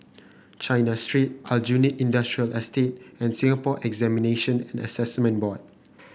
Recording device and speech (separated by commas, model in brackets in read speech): boundary microphone (BM630), read sentence